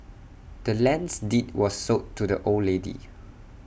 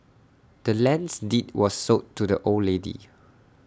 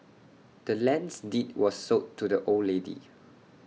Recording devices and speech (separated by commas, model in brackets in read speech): boundary microphone (BM630), standing microphone (AKG C214), mobile phone (iPhone 6), read sentence